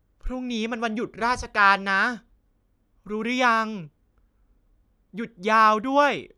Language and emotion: Thai, happy